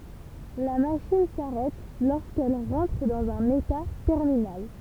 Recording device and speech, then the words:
temple vibration pickup, read sentence
La machine s'arrête lorsqu'elle rentre dans un état terminal.

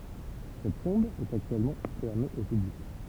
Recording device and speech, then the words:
temple vibration pickup, read sentence
Cette tombe est actuellement fermée au public.

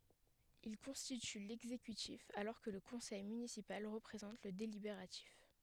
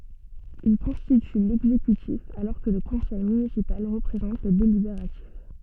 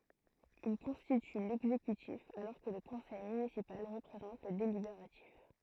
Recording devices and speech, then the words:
headset microphone, soft in-ear microphone, throat microphone, read sentence
Il constitue l'exécutif alors que le Conseil municipal représente le délibératif.

